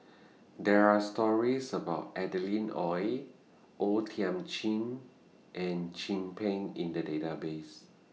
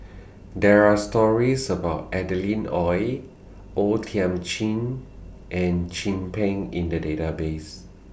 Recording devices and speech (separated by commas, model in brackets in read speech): mobile phone (iPhone 6), boundary microphone (BM630), read sentence